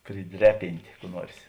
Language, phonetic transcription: Lithuanian, priˈdreˌ pintė kų ˈnuors

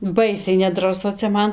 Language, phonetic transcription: Lithuanian, ˈbaisiai nedraˈsu cia ˈman

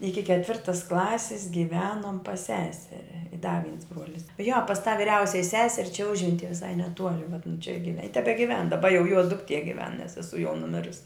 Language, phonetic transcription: Lithuanian, ˈiki ketˈvirtas ˈklasis giˈvenom pas ˈsesere i da viens ˈbruolis jo pas tą viˈriausiaj ˈseser' čia ˈužventie viˈsai neˈtuoli vat nu čia give i tebegiˈven daˈba jau juo dukˈtie giˈven nes seˈsuo jau nuˈmirus'

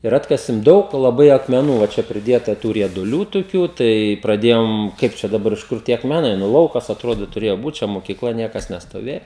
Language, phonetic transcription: Lithuanian, ir ˈatkasim ˈdaug laˈbai akmeˈnų va ˈčia priˈdieta ˈtų rieduˈlių tuˈkių tai praˈdėjom ˈkaip čia daˈbar iš ˈkur tie akmeˈnai nu ˈlaukas atˈrodo tuˈrėjo būt čia mokyˈkla ˈniekas nestoˈvėja

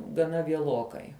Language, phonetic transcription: Lithuanian, gaˈna vieˈlokai

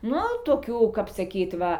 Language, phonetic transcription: Lithuanian, ˈnu toˈkių kap saˈkyt ˈva

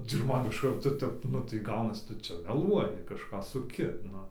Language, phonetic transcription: Lithuanian, cik ˈman iš ˈkarto ˈtep ˈnu tai ˈgaunas ˈtu ˈčia meˈluoji kažˈką suˈki ˈnu

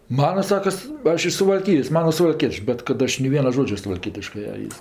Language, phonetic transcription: Lithuanian, ˈmana ˈsakas ˈaš iš suvalˈkijos ˈmana suvalˈkiečiu bet kad ˈaš nei ˈviena ˈžodže suvalˈkietiškɜ a ˈis

